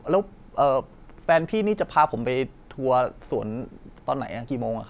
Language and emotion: Thai, neutral